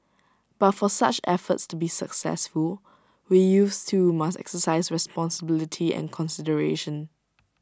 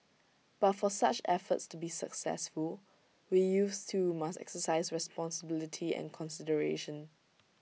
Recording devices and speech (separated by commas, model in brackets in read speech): standing microphone (AKG C214), mobile phone (iPhone 6), read sentence